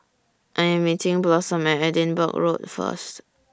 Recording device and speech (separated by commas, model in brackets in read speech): standing microphone (AKG C214), read sentence